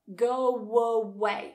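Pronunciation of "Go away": In 'go away', a w sound links 'go' to 'away'.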